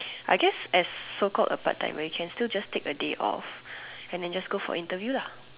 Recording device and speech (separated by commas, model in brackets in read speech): telephone, conversation in separate rooms